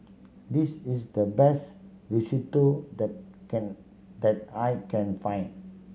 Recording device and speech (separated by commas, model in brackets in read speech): mobile phone (Samsung C7100), read sentence